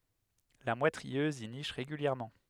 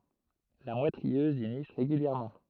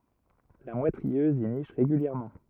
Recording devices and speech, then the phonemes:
headset microphone, throat microphone, rigid in-ear microphone, read sentence
la mwɛt ʁiøz i niʃ ʁeɡyljɛʁmɑ̃

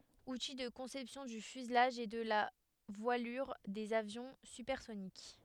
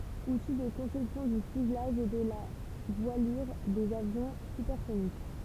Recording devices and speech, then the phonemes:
headset microphone, temple vibration pickup, read sentence
uti də kɔ̃sɛpsjɔ̃ dy fyzlaʒ e də la vwalyʁ dez avjɔ̃ sypɛʁsonik

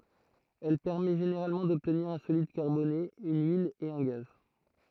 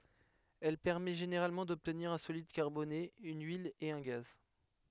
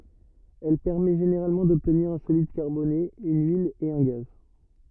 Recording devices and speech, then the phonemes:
throat microphone, headset microphone, rigid in-ear microphone, read sentence
ɛl pɛʁmɛ ʒeneʁalmɑ̃ dɔbtniʁ œ̃ solid kaʁbone yn yil e œ̃ ɡaz

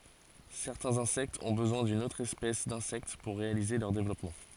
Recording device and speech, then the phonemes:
forehead accelerometer, read sentence
sɛʁtɛ̃z ɛ̃sɛktz ɔ̃ bəzwɛ̃ dyn otʁ ɛspɛs dɛ̃sɛkt puʁ ʁealize lœʁ devlɔpmɑ̃

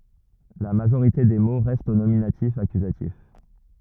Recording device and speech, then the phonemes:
rigid in-ear microphone, read sentence
la maʒoʁite de mo ʁɛstt o nominatifakyzatif

